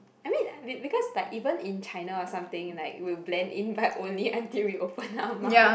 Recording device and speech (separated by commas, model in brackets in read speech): boundary microphone, conversation in the same room